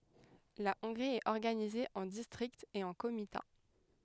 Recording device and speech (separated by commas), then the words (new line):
headset microphone, read sentence
La Hongrie est organisée en districts et en comitats.